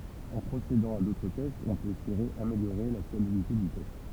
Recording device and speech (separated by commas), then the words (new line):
temple vibration pickup, read sentence
En procédant à d’autres tests, on peut espérer améliorer la fiabilité du test.